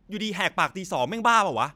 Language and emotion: Thai, angry